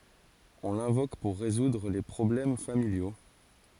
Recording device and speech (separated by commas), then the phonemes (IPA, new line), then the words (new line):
forehead accelerometer, read sentence
ɔ̃ lɛ̃vok puʁ ʁezudʁ le pʁɔblɛm familjo
On l'invoque pour résoudre les problèmes familiaux.